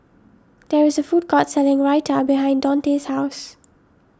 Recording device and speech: standing microphone (AKG C214), read sentence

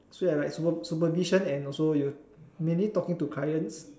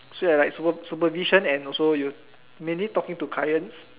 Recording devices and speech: standing microphone, telephone, conversation in separate rooms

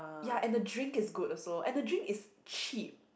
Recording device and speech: boundary microphone, conversation in the same room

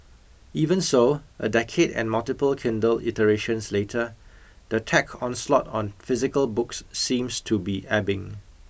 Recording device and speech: boundary microphone (BM630), read sentence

